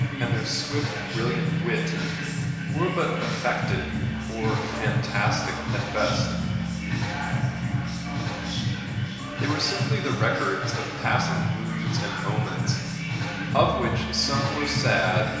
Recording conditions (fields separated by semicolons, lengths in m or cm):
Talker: one person; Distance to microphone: 1.7 m; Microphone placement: close; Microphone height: 1.0 m; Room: very reverberant, large; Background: music